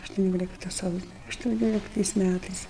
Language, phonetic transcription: Lithuanian, aštuˈniolikta ˈsausio aštuˈnioliktais ˈmætais

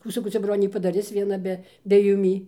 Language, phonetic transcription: Lithuanian, ˈkų saˈkau ˈcia ˈbronė padaˈris vieˈna be be juˈmį

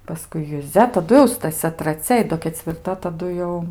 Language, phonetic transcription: Lithuanian, paˈskui juˈzia taˈdu jau staˈsia traˈcia i ˈdo kecvirˈta taˈdu jau

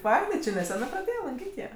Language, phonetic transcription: Lithuanian, ˈfainai či neˈsenɜ praˈdėjė lanˈkyt' jie

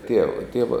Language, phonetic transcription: Lithuanian, ˈtieva ˈtieva

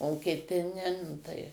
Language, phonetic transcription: Lithuanian, o kiˈti ne nu ˈtai

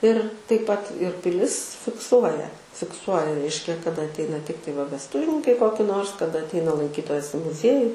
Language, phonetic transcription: Lithuanian, ir taip pat ir piˈlis fikˈsuoja fikˈsuoja ˈreiškia kaˈda atˈeina ˈtiktai va vesˈtuvininkai ˈkoki ˈnors kaˈda atˈeina lanˈkytojas i muˈzieju

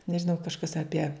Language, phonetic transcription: Lithuanian, nežiˈnau kažˈkas aˈpie

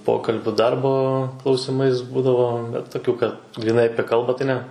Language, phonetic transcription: Lithuanian, ˈpokalbiu ˈdarbo klausiˈmais ˈbūdavo bet toˈkių kad gryˈnai ˈapie ˈkalbą tai ne

